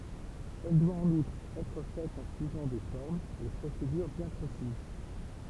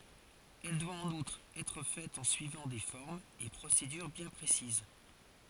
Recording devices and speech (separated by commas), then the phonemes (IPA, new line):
temple vibration pickup, forehead accelerometer, read sentence
ɛl dwa ɑ̃n utʁ ɛtʁ fɛt ɑ̃ syivɑ̃ de fɔʁmz e pʁosedyʁ bjɛ̃ pʁesiz